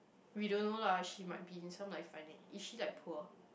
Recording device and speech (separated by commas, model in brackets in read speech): boundary microphone, conversation in the same room